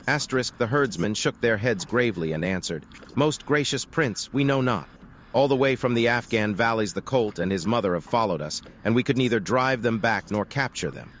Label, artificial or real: artificial